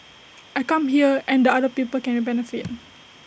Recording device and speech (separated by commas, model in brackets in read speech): boundary microphone (BM630), read sentence